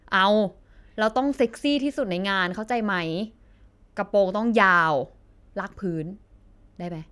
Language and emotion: Thai, neutral